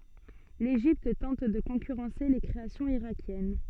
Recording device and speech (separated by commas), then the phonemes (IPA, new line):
soft in-ear microphone, read sentence
leʒipt tɑ̃t də kɔ̃kyʁɑ̃se le kʁeasjɔ̃z iʁakjɛn